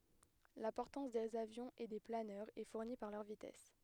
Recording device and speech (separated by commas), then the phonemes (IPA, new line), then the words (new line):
headset microphone, read sentence
la pɔʁtɑ̃s dez avjɔ̃z e de planœʁz ɛ fuʁni paʁ lœʁ vitɛs
La portance des avions et des planeurs est fournie par leur vitesse.